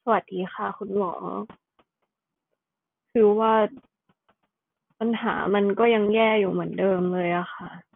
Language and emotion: Thai, sad